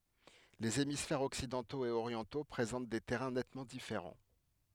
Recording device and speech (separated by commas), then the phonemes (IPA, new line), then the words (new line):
headset microphone, read sentence
lez emisfɛʁz ɔksidɑ̃toz e oʁjɑ̃to pʁezɑ̃t de tɛʁɛ̃ nɛtmɑ̃ difeʁɑ̃
Les hémisphères occidentaux et orientaux présentent des terrains nettement différents.